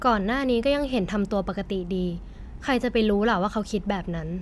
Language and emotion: Thai, neutral